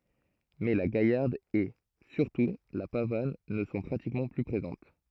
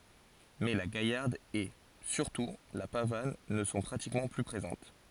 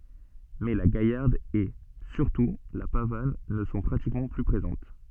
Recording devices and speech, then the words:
throat microphone, forehead accelerometer, soft in-ear microphone, read sentence
Mais la gaillarde et, surtout, la pavane ne sont pratiquement plus présentes.

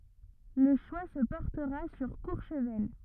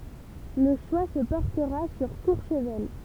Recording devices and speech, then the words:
rigid in-ear microphone, temple vibration pickup, read sentence
Le choix se portera sur Courchevel.

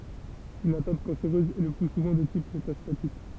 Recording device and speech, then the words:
temple vibration pickup, read sentence
Une atteinte cancéreuse est le plus souvent de type métastatique.

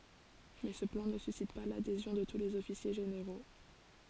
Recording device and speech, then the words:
forehead accelerometer, read sentence
Mais ce plan ne suscite pas l'adhésion de tous les officiers généraux.

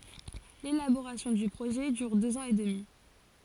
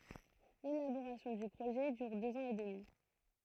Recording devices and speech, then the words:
forehead accelerometer, throat microphone, read sentence
L’élaboration du projet dure deux ans et demi.

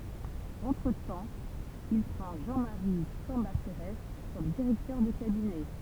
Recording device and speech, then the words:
temple vibration pickup, read sentence
Entretemps, il prend Jean-Marie Cambacérès comme directeur de cabinet.

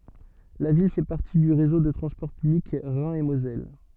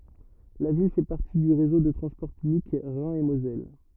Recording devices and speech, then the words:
soft in-ear microphone, rigid in-ear microphone, read sentence
La ville fait partie du réseau de transport public Rhin et Moselle.

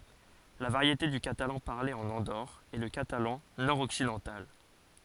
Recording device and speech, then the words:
forehead accelerometer, read sentence
La variété du catalan parlée en Andorre est le catalan nord-occidental.

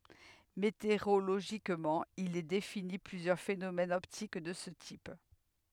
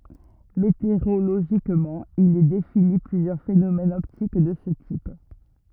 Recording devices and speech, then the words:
headset microphone, rigid in-ear microphone, read sentence
Météorologiquement, il est défini plusieurs phénomènes optiques de ce type.

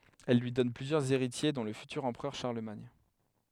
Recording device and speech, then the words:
headset microphone, read sentence
Elle lui donne plusieurs héritiers dont le futur empereur Charlemagne.

